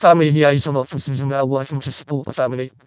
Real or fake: fake